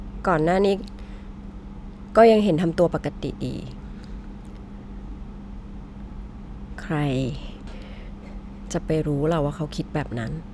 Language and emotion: Thai, frustrated